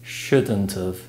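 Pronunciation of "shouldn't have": "Shouldn't have" is contracted into one word.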